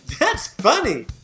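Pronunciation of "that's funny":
'That's funny' is said with an intonation that means it's really humorous, not that something is strange.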